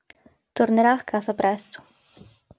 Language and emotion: Italian, neutral